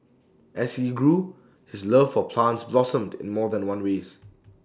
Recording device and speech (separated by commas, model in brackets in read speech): standing microphone (AKG C214), read sentence